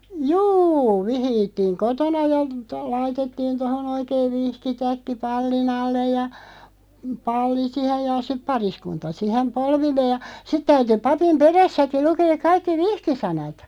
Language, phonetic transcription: Finnish, jû , "vihiittiiŋ "kotona ja , to- 'laitettiin 'tohon ‿oikeiᵛ 'vihki'täkki 'palli'n ‿allej ja , "palli 'sihej ja siᵖ "pariskunta 'sihem "polvillee ja , 'sit täyty 'papim "perässäki 'lukeek 'kaikki "vihkisanat .
- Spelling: juu vihittiin kotona ja - laitettiin tuohon oikein vihkitäkki pallin alle ja palli siihen ja sitten pariskunta siihen polvilleen ja sitten täytyi papin perässäkin lukea kaikki vihkisanat

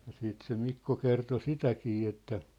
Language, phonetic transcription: Finnish, ja siit se 'Mikko kerto "sitäkii että ,.
- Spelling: ja sitten se Mikko kertoi sitäkin että

